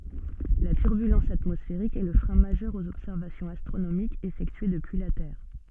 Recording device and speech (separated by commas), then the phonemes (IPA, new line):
soft in-ear microphone, read sentence
la tyʁbylɑ̃s atmɔsfeʁik ɛ lə fʁɛ̃ maʒœʁ oz ɔbsɛʁvasjɔ̃z astʁonomikz efɛktye dəpyi la tɛʁ